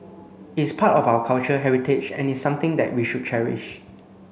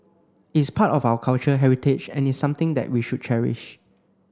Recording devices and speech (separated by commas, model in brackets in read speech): mobile phone (Samsung C9), close-talking microphone (WH30), read sentence